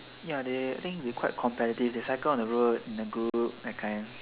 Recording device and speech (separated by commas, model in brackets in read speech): telephone, conversation in separate rooms